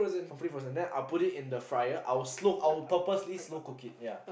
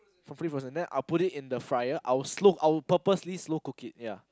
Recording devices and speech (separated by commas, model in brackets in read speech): boundary microphone, close-talking microphone, conversation in the same room